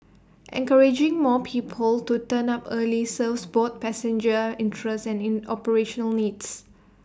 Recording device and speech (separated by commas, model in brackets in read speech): standing microphone (AKG C214), read sentence